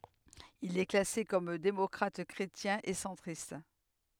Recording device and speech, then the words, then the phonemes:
headset microphone, read sentence
Il est classé comme démocrate-chrétien et centriste.
il ɛ klase kɔm demɔkʁatɛkʁetjɛ̃ e sɑ̃tʁist

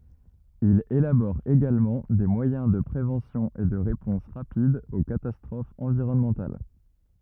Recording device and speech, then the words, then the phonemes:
rigid in-ear microphone, read sentence
Il élabore également des moyens de préventions et de réponses rapides aux catastrophes environnementales.
il elabɔʁ eɡalmɑ̃ de mwajɛ̃ də pʁevɑ̃sjɔ̃z e də ʁepɔ̃s ʁapidz o katastʁofz ɑ̃viʁɔnmɑ̃tal

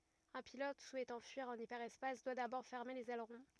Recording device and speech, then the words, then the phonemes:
rigid in-ear microphone, read sentence
Un pilote souhaitant fuir en hyperespace doit d’abord fermer les ailerons.
œ̃ pilɔt suɛtɑ̃ fyiʁ ɑ̃n ipɛʁɛspas dwa dabɔʁ fɛʁme lez ɛlʁɔ̃

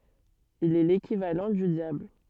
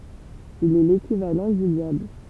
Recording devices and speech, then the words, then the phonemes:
soft in-ear microphone, temple vibration pickup, read sentence
Il est l'équivalent du diable.
il ɛ lekivalɑ̃ dy djabl

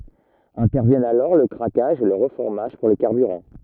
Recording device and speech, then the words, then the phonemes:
rigid in-ear microphone, read sentence
Interviennent alors le craquage et le reformage pour les carburants.
ɛ̃tɛʁvjɛnt alɔʁ lə kʁakaʒ e lə ʁəfɔʁmaʒ puʁ le kaʁbyʁɑ̃

